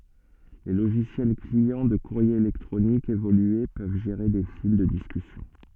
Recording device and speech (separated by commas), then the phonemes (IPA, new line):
soft in-ear microphone, read sentence
le loʒisjɛl kliɑ̃ də kuʁje elɛktʁonik evolye pøv ʒeʁe de fil də diskysjɔ̃